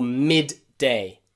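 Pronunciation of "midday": In 'midday', both Ds are pronounced, and that is not wrong.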